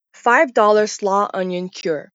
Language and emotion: English, neutral